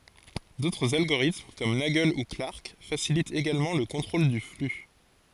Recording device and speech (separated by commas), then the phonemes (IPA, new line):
forehead accelerometer, read sentence
dotʁz alɡoʁitm kɔm naɡl u klaʁk fasilitt eɡalmɑ̃ lə kɔ̃tʁol dy fly